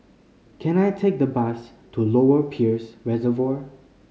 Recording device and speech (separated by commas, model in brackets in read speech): mobile phone (Samsung C5010), read sentence